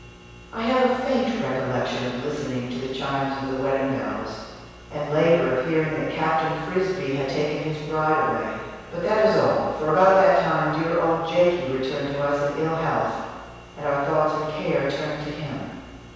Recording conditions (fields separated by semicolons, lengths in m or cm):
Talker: one person; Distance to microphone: 7.1 m; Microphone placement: far; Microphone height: 1.7 m; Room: very reverberant, large; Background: none